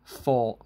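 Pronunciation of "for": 'For' is said as the preposition, with a mid tone, not the high tone of the number 'four'.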